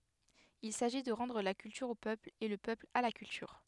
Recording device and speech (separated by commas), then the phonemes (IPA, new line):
headset microphone, read sentence
il saʒi də ʁɑ̃dʁ la kyltyʁ o pøpl e lə pøpl a la kyltyʁ